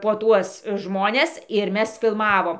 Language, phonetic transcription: Lithuanian, po ˈtuos ˈžmones ir ˈmes filˈmavom

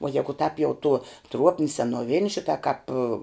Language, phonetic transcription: Lithuanian, uo ˈjegu tāp jau tuo ˈtruopni senuoˈvini ˈšita kāp

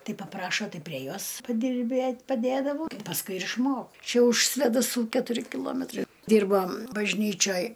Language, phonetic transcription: Lithuanian, ˈtai paˈprašo ˈtai prie ˈjos padirˈbėt' paˈdėdavau pasˈkui ir išˈmok ˈčia už svėdaˈsų ketuˈri kiˈlometrai ˈdyrba bažˈnyčioj

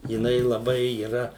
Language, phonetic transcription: Lithuanian, jiˈnai laˈbai yˈra

